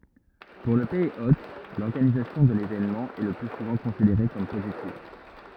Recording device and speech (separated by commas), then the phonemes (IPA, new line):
rigid in-ear microphone, read sentence
puʁ lə pɛiz ot lɔʁɡanizasjɔ̃ də levenmɑ̃ ɛ lə ply suvɑ̃ kɔ̃sideʁe kɔm pozitiv